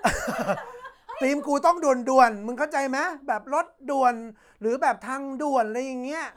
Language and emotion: Thai, happy